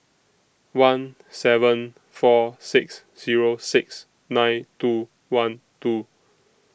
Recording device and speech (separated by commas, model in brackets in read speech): boundary microphone (BM630), read sentence